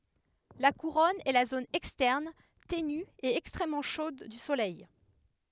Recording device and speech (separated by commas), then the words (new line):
headset microphone, read sentence
La couronne est la zone externe, ténue et extrêmement chaude du Soleil.